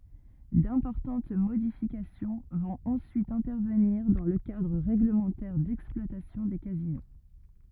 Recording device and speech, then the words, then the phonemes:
rigid in-ear microphone, read sentence
D’importantes modifications vont ensuite intervenir dans le cadre règlementaire d’exploitation des casinos.
dɛ̃pɔʁtɑ̃t modifikasjɔ̃ vɔ̃t ɑ̃syit ɛ̃tɛʁvəniʁ dɑ̃ lə kadʁ ʁɛɡləmɑ̃tɛʁ dɛksplwatasjɔ̃ de kazino

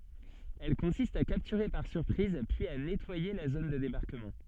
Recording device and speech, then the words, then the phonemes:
soft in-ear microphone, read sentence
Elle consiste à capturer par surprise puis à nettoyer la zone de débarquement.
ɛl kɔ̃sist a kaptyʁe paʁ syʁpʁiz pyiz a nɛtwaje la zon də debaʁkəmɑ̃

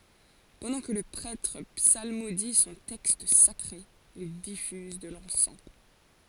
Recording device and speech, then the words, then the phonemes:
forehead accelerometer, read sentence
Pendant que le prêtre psalmodie son texte sacré, il diffuse de l'encens.
pɑ̃dɑ̃ kə lə pʁɛtʁ psalmodi sɔ̃ tɛkst sakʁe il difyz də lɑ̃sɑ̃

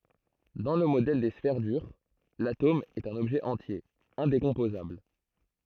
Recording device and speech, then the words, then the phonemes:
throat microphone, read sentence
Dans le modèle des sphères dures, l’atome est un objet entier, indécomposable.
dɑ̃ lə modɛl de sfɛʁ dyʁ latom ɛt œ̃n ɔbʒɛ ɑ̃tje ɛ̃dekɔ̃pozabl

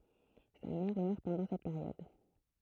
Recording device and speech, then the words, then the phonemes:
throat microphone, read sentence
Sa mère meurt pendant cette période.
sa mɛʁ mœʁ pɑ̃dɑ̃ sɛt peʁjɔd

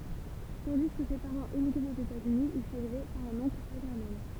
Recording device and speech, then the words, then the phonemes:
temple vibration pickup, read sentence
Tandis que ses parents émigraient aux États-Unis, il fut élevé par un oncle paternel.
tɑ̃di kə se paʁɑ̃z emiɡʁɛt oz etaz yni il fyt elve paʁ œ̃n ɔ̃kl patɛʁnɛl

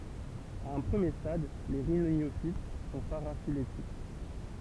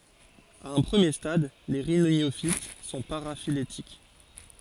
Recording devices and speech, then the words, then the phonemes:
temple vibration pickup, forehead accelerometer, read sentence
À un premier stade, les rhyniophytes sont paraphylétiques.
a œ̃ pʁəmje stad le ʁinjofit sɔ̃ paʁafiletik

